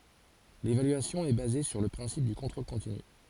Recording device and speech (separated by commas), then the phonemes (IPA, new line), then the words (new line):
forehead accelerometer, read sentence
levalyasjɔ̃ ɛ baze syʁ lə pʁɛ̃sip dy kɔ̃tʁol kɔ̃tiny
L’évaluation est basée sur le principe du contrôle continu.